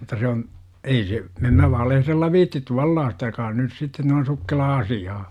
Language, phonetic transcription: Finnish, mut̆ta se on , 'ei se , em mä valehrella viittit "tuallaasta joka on nys sitte noin̬ 'sukkelaa 'asi ‿aa .
- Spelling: mutta se on ei se en minä valehdella viitsi tuollaista joka on nyt sitten noin sukkelaa - asiaa

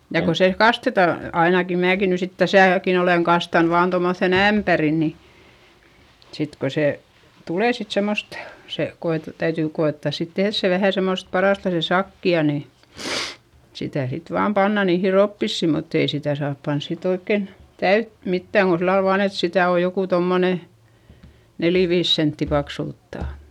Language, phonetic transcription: Finnish, ja ko se kasteta , ainaki määki ny sit täsä̀kin ‿oleŋ kastan vaan tommoϑϑèn ‿ämpäri ni , sit ko se , tulè sit semmost , se koete- , täytỳ ko₍èttàs sit tehδs se vähä̀ semmost , paràsta se sakki₍a ni , sitä̀ sit vaam panna niihi roppissì mutt ‿ei sitä̀ saap pans sit ‿oikken , täyt mittä̀ŋ Go sillal vaan ‿et sitä̀ o jokù tommone , neli viis sentti paksulttà .
- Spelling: ja kun se kastetaan ainakin minäkin nyt sitten tässäkin olen kastanut vain tuommoiseen ämpäriin niin sitten kun se tulee sitten semmoista se - täytyy koettaa sitten tehdä se vähän semmoista parasta se sakea niin sitä sitten vain pannaan niihin roppisiin mutta ei sitä saa panna sitten oikein täyttä mitään kuin sillä lailla vain että sitä on joku tuommoinen neljä viisi senttiä paksulta

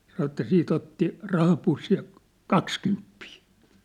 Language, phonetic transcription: Finnish, sanŏ ĕttä 'siit ‿otti , 'rahapussij ja , "kakskymppii !
- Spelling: sanoi että sitten otti rahapussin ja kaksikymppiä

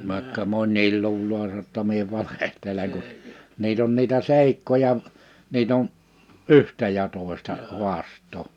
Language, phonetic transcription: Finnish, vài̬kka 'mon̆́niil 'luuloo (sano) [jo]tta 'mie 'valehteleŋ ku , 'niit ‿on niitä 'sèikkoja , 'niit ‿on , "’yhtä ja 'tòesta , 'huast̀oo .
- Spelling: vaikka moni luulee sanoi jotta minä valehtelen kun niitä on niitä seikkoja niitä on yhtä ja toista haastaa

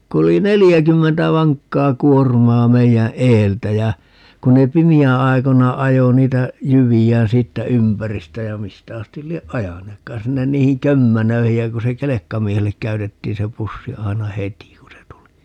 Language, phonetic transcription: Finnish, 'ku oli "nelijäkymmentä 'vaŋkkaa 'kuormaa 'meijä "eeltä jä , 'kun ne "pimi₍ää̰ 'ai̮kona 'ajo niitä , 'jyvi₍ään 'siittä "ympäristä ja 'mistä 'astil 'lieʼ "ʼajaneekkaan 'sinnen 'niihiŋ "kömmänöihij ja 'ku se "kelekkamiehellek 'käytettiin se 'pussi 'ai̮na "heti ku se tuli .
- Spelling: kun oli neljäkymmentä vankkaa kuormaa meidän edeltä ja kun ne pimeän aikoina ajoi niitä jyviään siitä ympäristä ja mistä asti lie ajaneetkaan sinne niihin kömmänöihin ja kun se kelkkamiehelle käytettiin se pussi aina heti kun se tuli

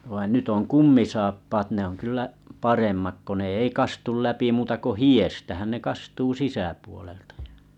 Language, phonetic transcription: Finnish, vain 'nyt ‿oŋ "kummisaappaat ne on 'kyllä , 'paremmak ko ne ei 'kastul 'läpi muuta ko "hi₍èstähän ne 'kastuu 'sisäpuoleltᴀ ᴊᴀ .
- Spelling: vaan nyt on kumisaappaat ne on kyllä paremmat kun ne ei kastu läpi muuta kuin hiestähän ne kastuu sisäpuolelta ja

